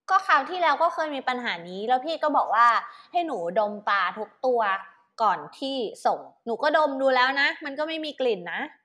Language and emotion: Thai, frustrated